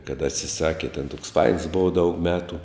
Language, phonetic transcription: Lithuanian, kad atsiˈsaki ten toks fains ˈbova daug ˈmetu

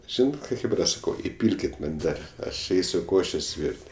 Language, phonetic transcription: Lithuanian, ˈžynat ˈką ˈchėbra ˈsakau iˈpylkit man ˈdar ˈaš ˈeisiu ˈkošės' ˈvyr't'

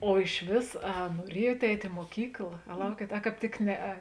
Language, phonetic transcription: Lithuanian, o išˈvės a nuoˈriejuot ˈeit' i muoˈkykla a ˈlaukiet a ˈkāp tik ˈneˌe

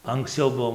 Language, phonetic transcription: Lithuanian, anksˈciau ˈbuo

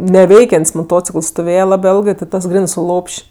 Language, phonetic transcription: Lithuanian, neˈveikian't's' moˈtocikəls stoˈvėje ˈlabɜ ˈėlgɜ tit ˈtas ˈgrenɜ su ˈlop'š'

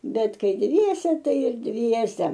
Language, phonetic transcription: Lithuanian, ˈbet ˈkai ˈdviese ˈtai ir ˈdviese

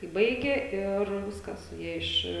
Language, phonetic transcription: Lithuanian, kai ˈbaigė ir ˈviskas ˈjie iš

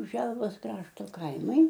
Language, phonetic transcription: Lithuanian, ˈželvos ˈkrašto ˈkaimai

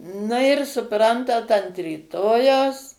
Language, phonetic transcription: Lithuanian, na ir suˈprantat ant ryˈtojaus

